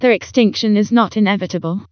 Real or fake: fake